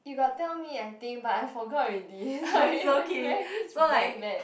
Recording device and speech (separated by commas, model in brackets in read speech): boundary microphone, conversation in the same room